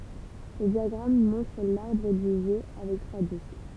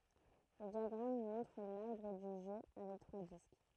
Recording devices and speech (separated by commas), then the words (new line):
temple vibration pickup, throat microphone, read sentence
Le diagramme montre l'arbre du jeu avec trois disques.